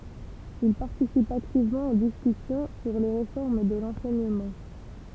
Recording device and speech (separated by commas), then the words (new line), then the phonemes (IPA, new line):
temple vibration pickup, read sentence
Il participe activement aux discussions sur les réformes de l’enseignement.
il paʁtisip aktivmɑ̃ o diskysjɔ̃ syʁ le ʁefɔʁm də lɑ̃sɛɲəmɑ̃